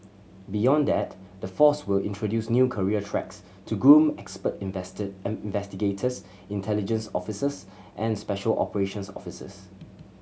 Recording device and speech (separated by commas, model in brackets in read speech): mobile phone (Samsung C7100), read sentence